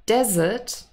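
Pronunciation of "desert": In 'desert', the stress is on the first syllable.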